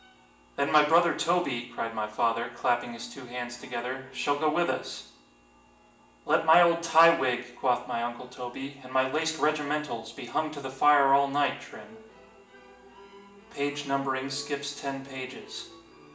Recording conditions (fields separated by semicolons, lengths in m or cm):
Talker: one person; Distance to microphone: 1.8 m; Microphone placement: close; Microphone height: 1.0 m; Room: large; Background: music